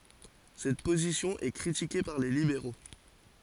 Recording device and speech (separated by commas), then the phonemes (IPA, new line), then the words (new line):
forehead accelerometer, read sentence
sɛt pozisjɔ̃ ɛ kʁitike paʁ le libeʁo
Cette position est critiquée par les libéraux.